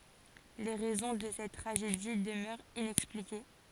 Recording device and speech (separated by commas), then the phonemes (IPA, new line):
forehead accelerometer, read sentence
le ʁɛzɔ̃ də sɛt tʁaʒedi dəmœʁt inɛksplike